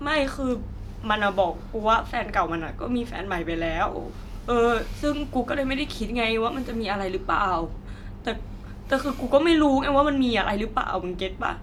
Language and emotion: Thai, sad